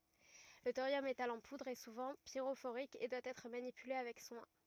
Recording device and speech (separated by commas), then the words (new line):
rigid in-ear microphone, read sentence
Le thorium métal en poudre est souvent pyrophorique et doit être manipulé avec soin.